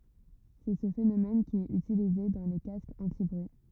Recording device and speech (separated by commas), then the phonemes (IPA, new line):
rigid in-ear microphone, read sentence
sɛ sə fenomɛn ki ɛt ytilize dɑ̃ le kaskz ɑ̃tibʁyi